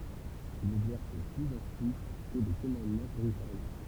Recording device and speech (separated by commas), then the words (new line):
temple vibration pickup, read sentence
Il n'exerce plus ensuite que des commandements territoriaux.